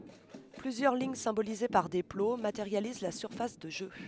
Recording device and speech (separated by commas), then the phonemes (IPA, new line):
headset microphone, read sentence
plyzjœʁ liɲ sɛ̃bolize paʁ de plo mateʁjaliz la syʁfas də ʒø